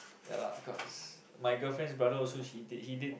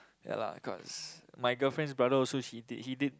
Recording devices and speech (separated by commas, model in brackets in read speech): boundary microphone, close-talking microphone, conversation in the same room